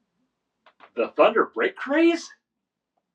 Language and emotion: English, surprised